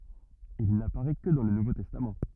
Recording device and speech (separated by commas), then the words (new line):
rigid in-ear microphone, read sentence
Il n'apparaît que dans le Nouveau Testament.